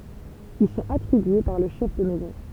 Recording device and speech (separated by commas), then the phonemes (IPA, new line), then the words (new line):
temple vibration pickup, read sentence
il sɔ̃t atʁibye paʁ lə ʃɛf də mɛzɔ̃
Ils sont attribués par le chef de maison.